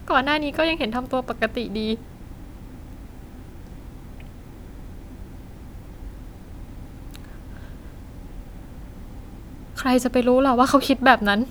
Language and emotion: Thai, sad